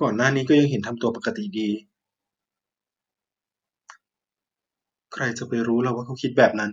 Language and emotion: Thai, neutral